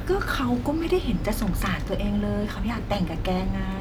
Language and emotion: Thai, frustrated